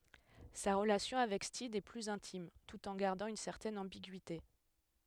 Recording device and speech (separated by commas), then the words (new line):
headset microphone, read sentence
Sa relation avec Steed est plus intime, tout en gardant une certaine ambiguïté.